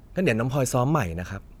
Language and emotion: Thai, neutral